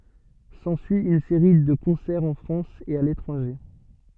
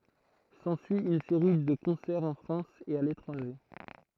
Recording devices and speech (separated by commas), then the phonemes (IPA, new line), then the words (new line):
soft in-ear microphone, throat microphone, read sentence
sɑ̃syi yn seʁi də kɔ̃sɛʁz ɑ̃ fʁɑ̃s e a letʁɑ̃ʒe
S'ensuit une série de concerts en France et à l'étranger.